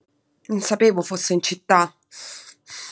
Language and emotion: Italian, angry